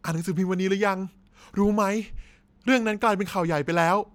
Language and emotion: Thai, happy